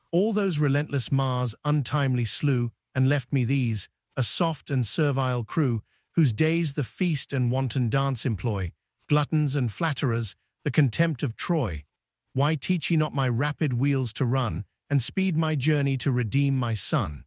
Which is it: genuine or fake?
fake